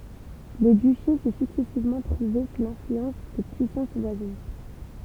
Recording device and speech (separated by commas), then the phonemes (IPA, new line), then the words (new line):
temple vibration pickup, read sentence
lə dyʃe sɛ syksɛsivmɑ̃ tʁuve su lɛ̃flyɑ̃s də pyisɑ̃s vwazin
Le duché s'est successivement trouvé sous l'influence de puissances voisines.